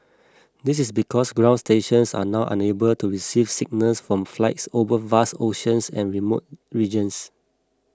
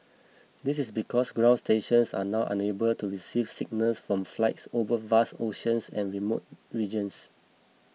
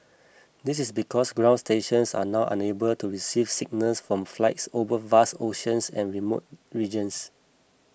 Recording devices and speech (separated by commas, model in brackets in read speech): close-talking microphone (WH20), mobile phone (iPhone 6), boundary microphone (BM630), read sentence